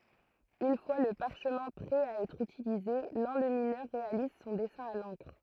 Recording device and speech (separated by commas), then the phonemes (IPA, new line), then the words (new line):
throat microphone, read sentence
yn fwa lə paʁʃmɛ̃ pʁɛ a ɛtʁ ytilize lɑ̃lyminœʁ ʁealiz sɔ̃ dɛsɛ̃ a lɑ̃kʁ
Une fois le parchemin prêt à être utilisé, l'enlumineur réalise son dessin à l'encre.